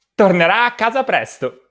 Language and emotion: Italian, happy